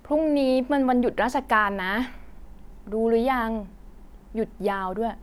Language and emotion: Thai, neutral